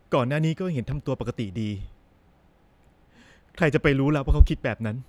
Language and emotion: Thai, sad